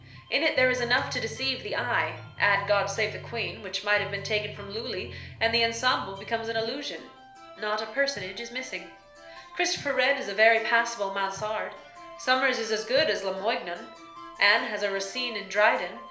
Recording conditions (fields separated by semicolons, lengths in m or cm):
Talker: one person; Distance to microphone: 1.0 m; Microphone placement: close; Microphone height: 1.1 m; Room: small (3.7 m by 2.7 m); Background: music